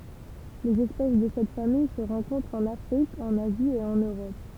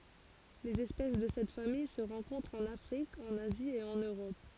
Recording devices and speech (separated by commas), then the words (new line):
temple vibration pickup, forehead accelerometer, read sentence
Les espèces de cette famille se rencontrent en Afrique, en Asie et en Europe.